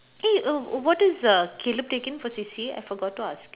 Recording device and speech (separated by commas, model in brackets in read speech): telephone, conversation in separate rooms